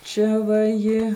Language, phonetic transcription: Lithuanian, ˈčia va ˈji

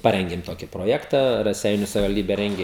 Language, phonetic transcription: Lithuanian, ˈparengim ˈtoki proˈjekta raˈseiniu savivalˈdybe ˈrengi

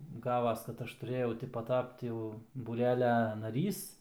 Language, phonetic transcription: Lithuanian, ˈgavas kad ˈaš tuˈrėjau ˈti paˈtapt jau būˈrelia naˈrys

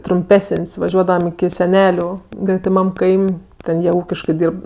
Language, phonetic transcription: Lithuanian, trumˈpesən's' vaˈžiuodavam iki seˈneliu gretiˈmam ˈkaim' ˈten jie ˈūkiškɜ ˈdyrb

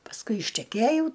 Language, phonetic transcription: Lithuanian, pasˈkui išteˈkėjau

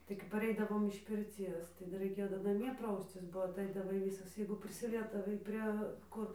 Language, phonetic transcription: Lithuanian, tai kap paˈreidavom iš pirˈcies ˈdar raiˈkėjo dar naˈmie ˈprauscis bo atˈaidavai ˈvysas jeigu prisiˈliesdavai ˈprie ˈkur

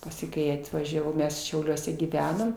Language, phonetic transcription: Lithuanian, ˈpasi ˈkai atvažiaˈvau ˈmes šiauˈliuose gyˈvenom

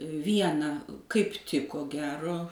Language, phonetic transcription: Lithuanian, ˈviena kaip ˈtik ko ˈgero

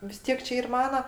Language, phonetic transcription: Lithuanian, vis ˈtiek čia ˈyr ˈmana

